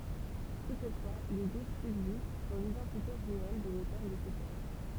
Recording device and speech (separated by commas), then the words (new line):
temple vibration pickup, read sentence
Toutefois, des doutes subsistent sur l'identité réelle de l'auteur de ce texte.